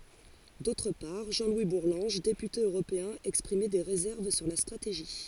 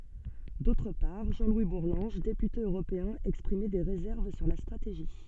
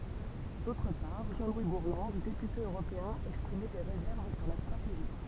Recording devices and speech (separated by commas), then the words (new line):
forehead accelerometer, soft in-ear microphone, temple vibration pickup, read sentence
D'autre part, Jean-Louis Bourlanges, député européen exprimait des réserves sur la stratégie.